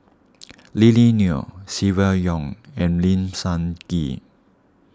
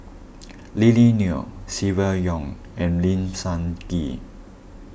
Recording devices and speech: standing microphone (AKG C214), boundary microphone (BM630), read sentence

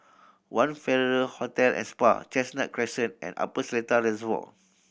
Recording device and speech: boundary microphone (BM630), read sentence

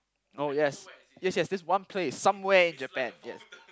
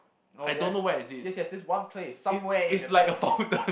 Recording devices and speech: close-talking microphone, boundary microphone, conversation in the same room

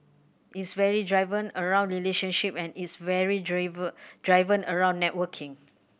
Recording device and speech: boundary microphone (BM630), read sentence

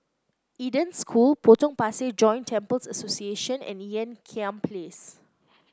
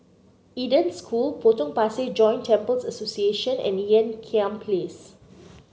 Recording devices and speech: close-talking microphone (WH30), mobile phone (Samsung C9), read sentence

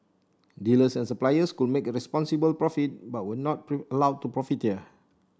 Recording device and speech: standing microphone (AKG C214), read sentence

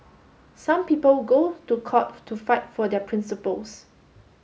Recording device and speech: mobile phone (Samsung S8), read sentence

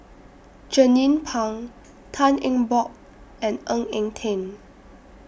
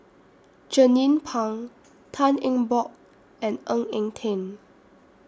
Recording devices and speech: boundary microphone (BM630), standing microphone (AKG C214), read sentence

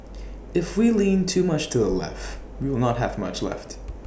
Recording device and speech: boundary microphone (BM630), read sentence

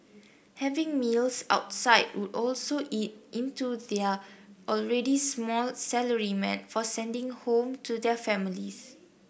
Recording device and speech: boundary microphone (BM630), read sentence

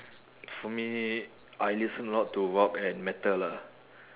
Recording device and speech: telephone, conversation in separate rooms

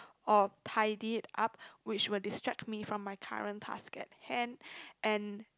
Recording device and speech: close-talking microphone, conversation in the same room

